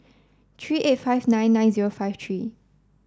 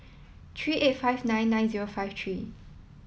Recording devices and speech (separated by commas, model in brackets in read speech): standing microphone (AKG C214), mobile phone (iPhone 7), read sentence